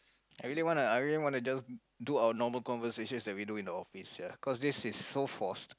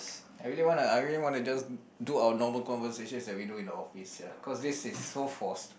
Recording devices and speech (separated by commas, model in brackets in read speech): close-talking microphone, boundary microphone, conversation in the same room